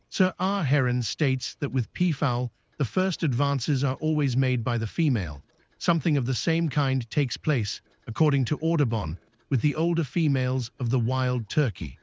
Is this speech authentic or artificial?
artificial